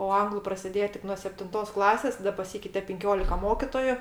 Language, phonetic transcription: Lithuanian, o ˈanglu prasiˈdėje ˈtik nuo septinˈtos ˈklasės taˈda paˈsykeite pinˈkiolika ˈmokitoju

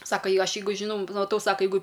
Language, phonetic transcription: Lithuanian, ˈsaka ˈjei ˈaš ˈjeigu žiˈnau maˈtau ˈsaka ˈjeigu

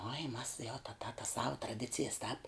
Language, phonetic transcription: Lithuanian, oi mas jau ta ta tas sau traˈdicijas tāp

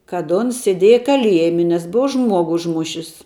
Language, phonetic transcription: Lithuanian, kad ˈuns sėˈdėja kaˈliejmi nes ˈbua ˈžmuogu užˈmušis

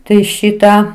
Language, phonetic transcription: Lithuanian, ˈtai ˈšitą

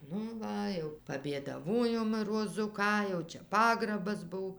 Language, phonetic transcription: Lithuanian, ˈnu ˈva jau pabėdaˈvojom roˈzu ˈką jau ˈčia ˈpagrabas ˈbuv

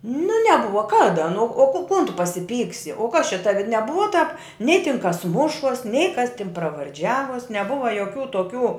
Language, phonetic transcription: Lithuanian, nu neˈbuva ˈkada nu o ko kon tu pasiˈpyksi o kas čia ˈtavi neˈbuva tāp nei tin kas ˈmušuos nei kas tin pravarˈdžiavuos neˈbuva joˈkių toˈkių

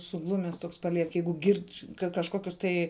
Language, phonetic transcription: Lithuanian, suˈglumes ˈtoks paˈliek ˈjeigu ˈgirdž' ˈka kažˈkokius tai

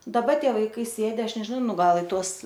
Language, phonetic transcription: Lithuanian, daˈba ˈtie vaiˈkai ˈsėdi ˈaš nežiˈnau ˈnu ˈgal i ˈtuos

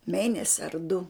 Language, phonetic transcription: Lithuanian, ˈmėnesi ar du

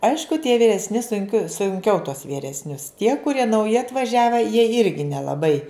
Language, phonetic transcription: Lithuanian, ˈaišku tie vyresˈni sunˈkio sunˈkiau tuos vyresˈnius tie kuˈrie nauˈji atvaˈžiave jie ˈirgi nelaˈbai

